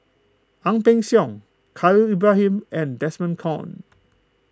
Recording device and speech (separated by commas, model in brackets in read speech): close-talking microphone (WH20), read sentence